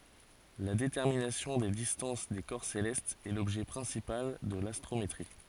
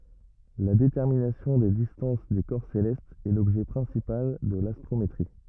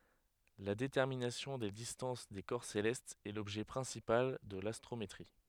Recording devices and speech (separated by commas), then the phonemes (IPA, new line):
forehead accelerometer, rigid in-ear microphone, headset microphone, read sentence
la detɛʁminasjɔ̃ de distɑ̃s de kɔʁ selɛstz ɛ lɔbʒɛ pʁɛ̃sipal də lastʁometʁi